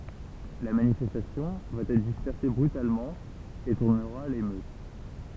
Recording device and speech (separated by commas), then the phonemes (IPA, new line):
temple vibration pickup, read sentence
la manifɛstasjɔ̃ va ɛtʁ dispɛʁse bʁytalmɑ̃ e tuʁnəʁa a lemøt